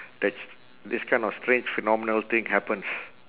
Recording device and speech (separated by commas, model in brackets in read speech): telephone, conversation in separate rooms